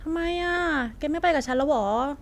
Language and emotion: Thai, frustrated